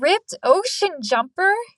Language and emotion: English, surprised